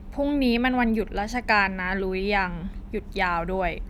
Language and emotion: Thai, frustrated